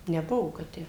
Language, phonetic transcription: Lithuanian, neˈbuvo kad ˈtę

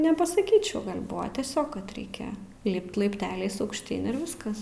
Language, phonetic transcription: Lithuanian, nepasaˈkyčiau ˈgal' ˈbuva tieˈsiog kad ˈreikia ˈlipt laipˈteliais aukšˈtyn ir ˈviskas

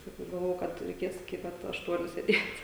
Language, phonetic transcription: Lithuanian, saˈkau galˈvojau ˈkad reiˈkės iki ˈpat ašˈtuoniu sėˈdėt'

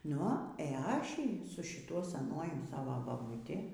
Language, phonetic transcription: Lithuanian, ˈnu e ˈaši su šiˈtuo seˈnuoju ˈsava babuˈti

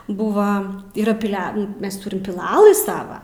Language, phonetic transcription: Lithuanian, ˈbuva yˈra piˈle ˈmes ˈturim piˈlalɨ ˈsava

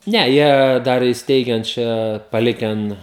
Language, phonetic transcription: Lithuanian, ˈne jie ˈdar isˈteigen ˈčia paˈliken

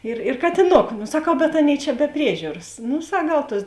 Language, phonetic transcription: Lithuanian, ˈir ir katiˈnoku saˈkau bet ˈaˌnėi čia be ˈpriežiūras ˈnu ˈsak ˈgal ˈtuos

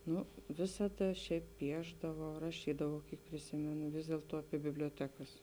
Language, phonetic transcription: Lithuanian, ˈnu ˈvisada ˈšiaip ˈpiešdavau raˈšydavau ˈkiek priˈsimenu ˈvis dėltuo apie biblioˈtekas

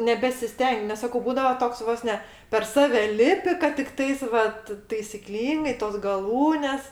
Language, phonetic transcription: Lithuanian, nebesiˈsteng' nes ˈsako ˈbūdava ˈtoks ˈvos ne per ˈsave ˈlipi kad tikˈtais vat taisiˈklyngai tos gaˈlūnes

